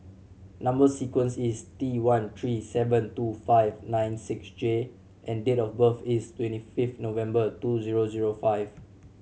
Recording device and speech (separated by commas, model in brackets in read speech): mobile phone (Samsung C7100), read sentence